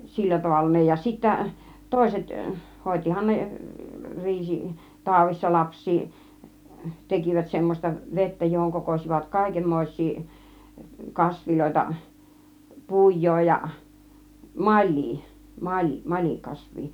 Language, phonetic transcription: Finnish, 'sillä 'tavalla ne ja sittä , "tòiset , "hòit͕ihan 'ne , 'riisi , "tàuvissa 'laps̆sii , 'tekivät 'semmośta "vettä johoŋ 'kokos͕ivat 'kàikemmòiś̆sii , 'kasviloita , 'puj̆joo ja , "mal̆lii , 'ma- , 'mal͕ikasv̆vii .
- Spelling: sillä tavalla ne ja sitten toiset hoitihan ne riisi taudissa lapsia tekivät semmoista vettä johon kokosivat kaikenmoisia kasveja pujoa ja malia - malikasvia

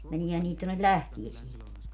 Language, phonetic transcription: Finnish, 'meniehän niit tonnel "lähtiesieŋki .
- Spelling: meneehän niitä tuonne lähteeseenkin

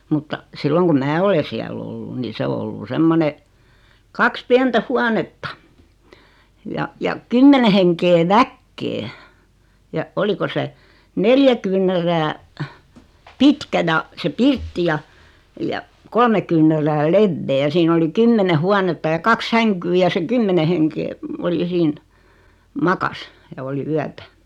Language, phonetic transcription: Finnish, mutta , 'silloŋ kum "mää ole 'siäl ‿ollu ni 'se o ollu "semmone , 'kaks 'piɛntä "huanetta , ja , ja , "kymmene heŋkee "väkkee , ja , 'oliko se , "neljä kyyǹärää , "pitkä (ja) , se "pirtti ja , ja , 'kolme kyyǹärää "levvee ja 'siin ‿oli "kymmene 'huanetta ja 'kaks "säŋkyy ja se "kymmene heŋkee , ol ja 'siin , "makas , ja oli "yätä .
- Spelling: mutta silloin kun minä olen siellä ollut niin se on ollut semmoinen kaksi pientä huonetta ja ja kymmenen henkeä väkeä ja oliko se neljä kyynärää pitkä ja se pirtti ja ja kolme kyynärää leveä ja siinä oli kymmenen huonetta ja kaksi sänkyä ja se kymmenen henkeä oli ja siinä makasi ja oli yötä

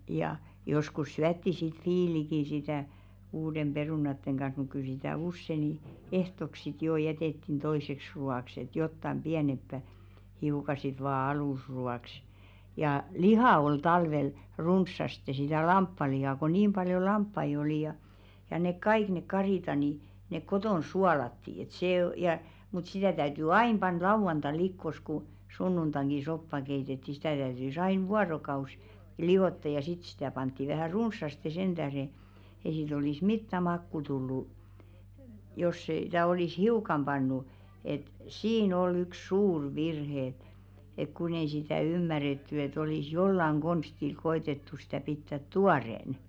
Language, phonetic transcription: Finnish, ja , 'joskus "syätti sit "fiiliki sitä̀ 'uudem 'ʙerùnatteŋ ɢan̬h̬ muk kyl 'sitä̀ "usse ni , 'ehtok sit jò 'jɛtèttin toiseks ru₍àks ‿et 'jottam "ʙiänemppä , hiuka sit vaa 'alùsru₍àks ja , "lihà ol 'talvel , 'runssaste sitä̀ "lamppalihà ko 'niim ʙaljo "lamppai oli ja , ja nek "kaik ne 'karìta ni , nek 'kotòn "sualatti et sè o- ja , mut 'sitä̀ täyty "ain pan 'lauvanta̰a̰ 'likkos ku , 'sunnuntaŋɢi 'soppa keitetti sitä̀ täytys 'ain "vuarokaus , 'liᵛotta ja sit sitä̀ 'pantti vähä̀ "runssaste 'senᴅähre , ei siit ‿olis "mittä 'makku tullu , jos sḙ- -tä olis "hiukam 'ʙannu , et , "siin ‿ol 'ykˢ "suur 'virhe ᵉᵗ , ek 'kun ‿ei sitä̀ "ymmäretty et ‿olis "jollaŋ 'ɢonstil ko₍etettu sitä̀ 'pittät "tuarèn .
- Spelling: ja joskus syötiin sitten viiliäkin sitä uuden perunoiden kanssa mutta kyllä sitä usein niin ehtooksi sitten jo jätettiin toiseksi ruoaksi että jotakin pienempää hiukan sitten vain alusruoaksi ja lihaa oli talvella runsaasti sitä lampaanlihaa kun niin paljon lampaita oli ja ja ne kaikki ne karitsat niin ne kotona suolattiin että se - ja mutta sitä täytyi aina panna lauantaina likoon kun sunnuntainakin soppa keitettiin sitä täytyi aina vuorokausi liottaa ja sitten sitä pantiin vähän runsaasti sen tähden ei siitä olisi mitään makua tullut jos - sitä olisi hiukan pannut että siinä oli yksi suuri virhe ja että kun ei sitä ymmärretty että olisi jollakin konstilla koetettu sitä pitää tuoreena

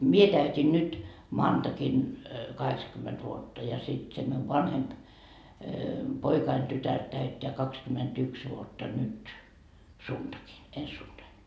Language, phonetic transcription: Finnish, "mie täyt́in nyt , 'maantakin , 'kahekskymmet vuotta ja sit se miuv "vanhemp , 'poikain tytär täytteä 'kakskymetyks vuotta nyt , "suntakin , 'ens suntain .
- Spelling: minä täytin nyt maanantaina kahdeksankymmentä vuotta ja sitten se minun vanhempi poikani tytär täyttää kaksikymmentäyksi vuotta nyt sunnuntaina ensi sunnuntaina

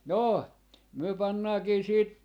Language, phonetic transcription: Finnish, 'noo , myö 'pannaakii siit ,.
- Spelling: no me pannaankin sitten

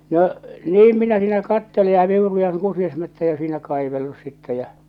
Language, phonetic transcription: Finnish, no , "niim 'minä siinä 'kattele ja 'viurujaŋ 'kusiasmättäjä siinä kaivellus sittɛ jä͔ .
- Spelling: no niin minä siinä katselen ja viuruan kusiaismättäitä siinä kaivellut sitten ja

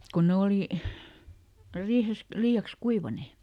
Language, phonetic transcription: Finnish, kon ˈne olì , ˈriihes , ˈlii₍aks "kuivanè .
- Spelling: kun ne oli riihessä liiaksi kuivaneet

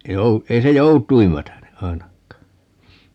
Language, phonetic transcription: Finnish, ei 'jou- , 'ei se "jout̀uim 'mätäne , 'ainak̆kaa .
- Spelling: ei - ei se joutuin mätäne ainakaan

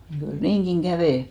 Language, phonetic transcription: Finnish, mut kyl "niiŋɢiŋ 'ɢävè .
- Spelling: mutta kyllä niinkin kävi

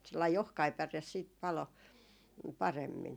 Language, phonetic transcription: Finnish, sellai "ohkai 'päres siit 'palo , 'paremmin .
- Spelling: sellainen ohkainen päre sitten paloi paremmin

